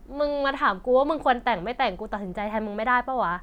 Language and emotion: Thai, frustrated